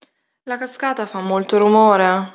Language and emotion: Italian, sad